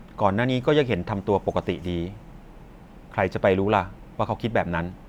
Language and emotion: Thai, neutral